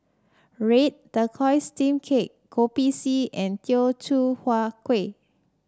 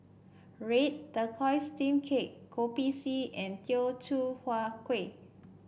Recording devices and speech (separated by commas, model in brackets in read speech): standing microphone (AKG C214), boundary microphone (BM630), read sentence